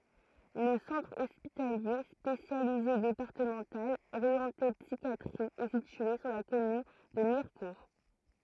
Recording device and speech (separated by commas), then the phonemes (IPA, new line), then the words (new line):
throat microphone, read sentence
lə sɑ̃tʁ ɔspitalje spesjalize depaʁtəmɑ̃tal oʁjɑ̃te psikjatʁi ɛ sitye syʁ la kɔmyn də miʁkuʁ
Le Centre hospitalier spécialisé départemental orienté psychiatrie est situé sur la commune de Mirecourt.